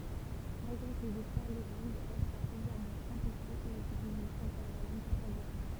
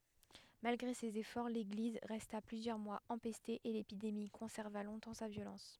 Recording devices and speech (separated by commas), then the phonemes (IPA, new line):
temple vibration pickup, headset microphone, read sentence
malɡʁe sez efɔʁ leɡliz ʁɛsta plyzjœʁ mwaz ɑ̃pɛste e lepidemi kɔ̃sɛʁva lɔ̃tɑ̃ sa vjolɑ̃s